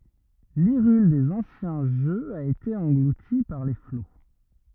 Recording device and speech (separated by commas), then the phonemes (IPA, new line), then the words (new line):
rigid in-ear microphone, read sentence
liʁyl dez ɑ̃sjɛ̃ ʒøz a ete ɑ̃ɡluti paʁ le flo
L’Hyrule des anciens jeux a été engloutie par les flots.